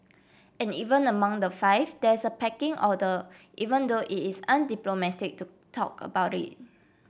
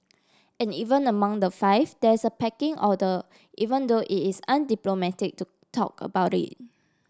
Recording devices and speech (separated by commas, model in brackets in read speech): boundary microphone (BM630), standing microphone (AKG C214), read sentence